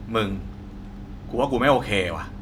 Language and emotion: Thai, frustrated